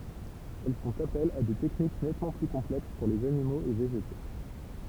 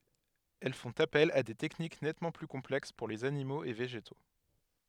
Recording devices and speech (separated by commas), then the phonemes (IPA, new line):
temple vibration pickup, headset microphone, read sentence
ɛl fɔ̃t apɛl a de tɛknik nɛtmɑ̃ ply kɔ̃plɛks puʁ lez animoz e veʒeto